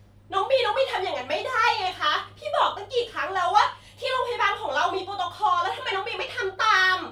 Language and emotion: Thai, angry